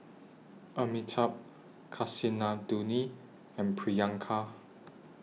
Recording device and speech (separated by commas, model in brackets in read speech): mobile phone (iPhone 6), read sentence